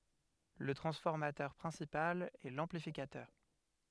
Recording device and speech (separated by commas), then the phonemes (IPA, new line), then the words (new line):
headset microphone, read sentence
lə tʁɑ̃sfɔʁmatœʁ pʁɛ̃sipal ɛ lɑ̃plifikatœʁ
Le transformateur principal est l'amplificateur.